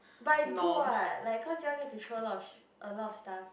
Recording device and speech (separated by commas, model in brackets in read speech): boundary microphone, conversation in the same room